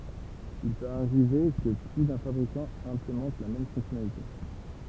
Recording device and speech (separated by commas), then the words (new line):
temple vibration pickup, read sentence
Il peut arriver que plus d'un fabricant implémente la même fonctionnalité.